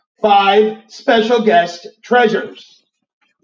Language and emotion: English, neutral